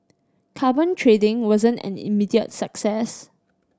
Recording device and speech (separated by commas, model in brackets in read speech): standing microphone (AKG C214), read sentence